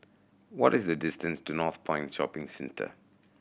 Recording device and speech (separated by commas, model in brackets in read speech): boundary microphone (BM630), read sentence